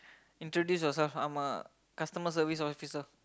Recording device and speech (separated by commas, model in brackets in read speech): close-talking microphone, conversation in the same room